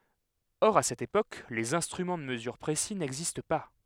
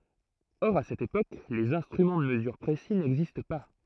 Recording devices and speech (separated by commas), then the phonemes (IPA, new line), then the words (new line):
headset microphone, throat microphone, read sentence
ɔʁ a sɛt epok lez ɛ̃stʁymɑ̃ də məzyʁ pʁesi nɛɡzist pa
Or, à cette époque, les instruments de mesure précis n'existent pas.